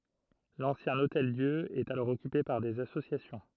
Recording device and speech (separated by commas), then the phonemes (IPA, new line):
throat microphone, read sentence
lɑ̃sjɛ̃ otɛldjø ɛt alɔʁ ɔkype paʁ dez asosjasjɔ̃